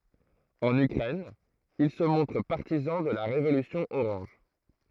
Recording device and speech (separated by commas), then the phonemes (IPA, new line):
throat microphone, read sentence
ɑ̃n ykʁɛn il sə mɔ̃tʁ paʁtizɑ̃ də la ʁevolysjɔ̃ oʁɑ̃ʒ